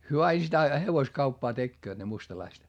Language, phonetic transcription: Finnish, hyö ai sitä , hevoskauppaa tekkööt ne mustalaist .
- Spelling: he aina sitä hevoskauppaa tekevät ne mustalaiset

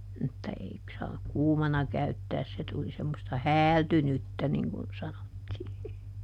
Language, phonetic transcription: Finnish, mutta ˈei saak "kuumana käyttääs - se tuli semmosta "häältynyttä niŋ kun ˈsanottii .
- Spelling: mutta ei saa kuumana käyttää se tuli semmoista häältynyttä niin kuin sanottiin

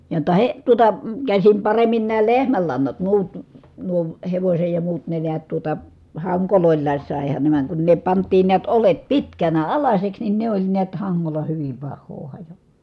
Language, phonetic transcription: Finnish, jotta he- , tuota , käsim paremmin nää lehmällannat muut , nuo , hevośej ja muut ne neät tuota , haŋkolòi̮llaas sàehan ne vàeŋ kun ne pant̆tiin niät olet pitkänä alaśeks nin ne ‿oĺ niät haŋŋola hyvim pahhoo hajo- .
- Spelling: jotta - tuota käsin paremmin nämä lehmänlannat muut nuo hevosen ja muut ne näet tuota hangoilla saihan ne vaan kun ne pantiin näet oljet pitkänä alaiseksi niin ne oli näet hangolla hyvin pahaa -

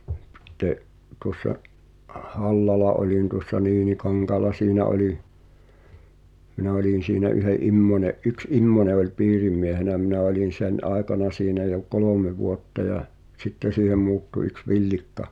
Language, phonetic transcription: Finnish, [si]tte’ , tuŏssa’ , "’Hallala olin tuŏssa 'Niinikaŋkaala "siinä oli , 'minä oĺin̬ siinä ’yhe’ "’Immońe’ , "’yks '’Immone oĺ "piirimmiehenä 'minä olin̬ 'sen "’àekana siinä jo "kolòme 'vuotta jä , "sitte siihem muuttu yks "Viĺlikka ,.
- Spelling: sitten tuossa Hallalla olin tuossa Niinikankaalla siinä oli minä olin siinä yhden Immosen yksi Immonen oli piirimiehenä minä olin sen aikana siinä jo kolme vuotta ja sitten siihen muuttui yksi Villikka

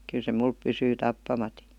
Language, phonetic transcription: Finnish, kyl se 'mulp 'pysyy "tappamati .
- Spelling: kyllä se minulla pysyy tappamatta

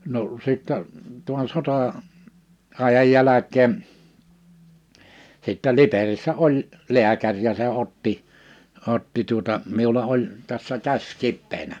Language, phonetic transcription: Finnish, no , sittɛ , tuan 'sotà- , -'ài̬jaj 'jäläk̀een , sittä 'Liperissä 'oĺ , 'lḙäkäŕ ja se 'otti , 'otti tuota , 'miula 'oĺ , tässä 'käś 'kippeenä .
- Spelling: no sitten tuon - sota-ajan jälkeen sitten Liperissä oli lääkäri ja se otti otti tuota minulla oli tässä käsi kipeänä

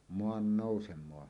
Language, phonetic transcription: Finnish, moan"nòusem̀oa .
- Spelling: maannousemaa

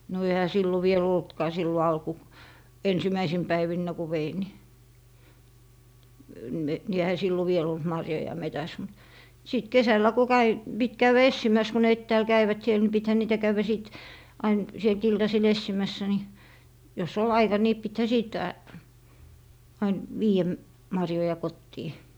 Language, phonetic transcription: Finnish, no ehä 'sillo vie"l ‿oltkaa sillo 'alku- , 'ensimäisim "päivinnä ku 'vein ni , ni ehä 'sillo viel ‿olt 'marjoja 'metäs mut , 'sìt "kesällä ko 'käi , 'pit 'käyʷä "essimäs ko ne "ettääl 'käivät siel ni 'pithä 'niitä 'käywä 'sìt , 'ain , sielt 'iltasil "essimässä ni , jo's ‿ol "aika ni 'pithä 'sìt , ain , 'vii₍ä , 'marjoja "kottii .
- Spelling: no eihän silloin vielä ollutkaan silloin - ensimmäisinä päivinä kun vein niin niin eihän silloin vielä ollut marjoja metsässä mutta sitten kesällä kun kävi piti käydä etsimässä kun ne etäällä kävivät siellä niin pitihän niitä käydä sitten aina sieltä iltasilla etsimässä niin jos oli aika niin pitihän sitten aina viedä marjoja kotiin

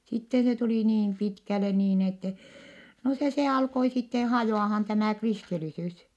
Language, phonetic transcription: Finnish, sitte se tulì niin pitkäle niin ettɛ , no se se alkoi sitte hajò₍ahan tämä̀ kristilisys .
- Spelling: sitten se tuli niin pitkälle niin että no se se alkoi sitten hajoamaan tämä kristillisyys

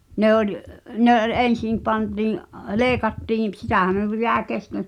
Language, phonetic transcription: Finnish, 'ne ‿oĺ , 'ne ’ol "en̬sim pantii’ , "leekattiim p- 'sitä̀hä minu(m) pi(t) 'jä̀e kesken̬ ,.
- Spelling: ne oli ne oli ensin pantiin leikattiin - sitähän minun piti jäi kesken

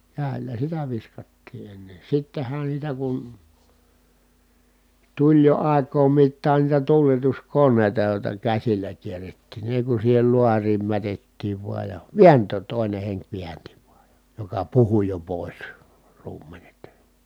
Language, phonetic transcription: Finnish, kä̀i̮l̆lä sitä viskattii enne , sitten̬hän sitä kun , tuĺ jo ài̮k̆koom mittaan niitä tuuletuskonnèi̮ta jòi̮ta käsillä kierrettìn ni èi kun siihel luariim mätettiiv vuaj ja , viänt̀ööt tòi̮ne heŋk viänti vuaj jA , joka puhu jo pòis , ruum̆menet .
- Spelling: käsillä sitä viskattiin ennen sittenhän sitä kun tuli jo aikojen mittaan niitä tuuletuskoneita joista käsillä kierrettiin niin ei kun siihen laariin mätettiin vain ja vääntää toinen henki väänsi vain ja joka puhui jo pois ruumenet

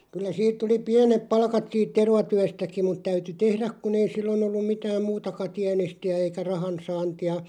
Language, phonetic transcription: Finnish, kyl̆lä 'siit tuli "piänep 'palkat siit "tervatyästäki mut 'täyty "tehräᵏ kun ‿ei 'sillon ‿ollum 'mitääm "muutaka 'tiänesti₍ä eikä 'rahansaanti₍a ,.
- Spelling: kyllä siitä tuli pienet palkat siitä tervatyöstäkin mutta täytyi tehdä kun ei silloin ollut mitään muutakaan tienestiä eikä rahansaantia

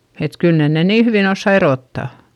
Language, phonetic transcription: Finnish, et kyl nen ne nii hyvìn ‿ossa eròtta .
- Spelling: että kyllä ne ne niin hyvin osaa erottaa

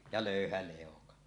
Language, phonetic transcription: Finnish, ja "lö̀yhä lèoka .
- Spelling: ja löyhä leuka

